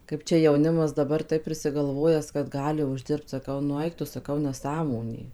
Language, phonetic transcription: Lithuanian, kaip ˈčia jauˈnimas daˈbar taip prisigalˈvojęs kad ˈgali užˈdirbt saˈkau nu ˈaik tu saˈkau næˈsąmonė

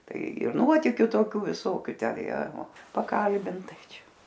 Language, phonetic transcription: Lithuanian, ˈtai i ˈnuotikiu toˈkių viˈsokiu ˈten ˈjie paˈkalbint ˈtai ˈčia

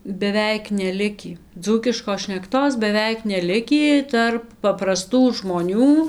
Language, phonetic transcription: Lithuanian, beˈveik neˈlikį ˈdzūkiškos šnekˈtos beˈveik neˈlikį ˈtarp papraˈstų žmoˈnių

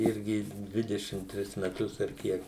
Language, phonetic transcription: Lithuanian, ˈirgi ˈdvidešim ˈtris meˈtus ar ˈkiek

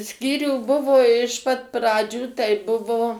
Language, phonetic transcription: Lithuanian, ˈskyrių ˈbuvo iš pat ˈpradžių tai ˈbuvo

